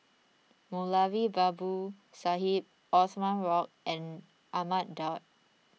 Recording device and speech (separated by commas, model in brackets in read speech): mobile phone (iPhone 6), read sentence